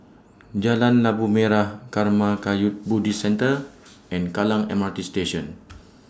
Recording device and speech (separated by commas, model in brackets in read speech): standing microphone (AKG C214), read sentence